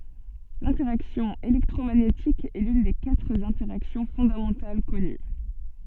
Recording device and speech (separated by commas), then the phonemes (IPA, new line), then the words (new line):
soft in-ear microphone, read sentence
lɛ̃tɛʁaksjɔ̃ elɛktʁomaɲetik ɛ lyn de katʁ ɛ̃tɛʁaksjɔ̃ fɔ̃damɑ̃tal kɔny
L'interaction électromagnétique est l'une des quatre interactions fondamentales connues.